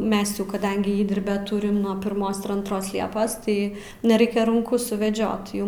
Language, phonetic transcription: Lithuanian, ˈmes jau kaˈdangi ˈįdirbio ˈturim nuo pirˈmos ir antˈros ˈliepos ˈtai neˈraikia runˈku suveˈdžiot ˈjum

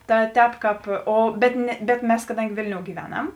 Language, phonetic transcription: Lithuanian, ˈta ˈtēp ˈkāp ˈo bet ne bet ˈmes kaˈdangi ˈvėlniou gyˈveˌnam

